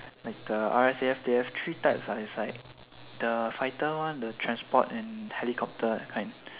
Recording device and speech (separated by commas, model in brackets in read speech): telephone, conversation in separate rooms